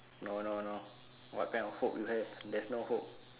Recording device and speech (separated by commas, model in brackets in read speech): telephone, conversation in separate rooms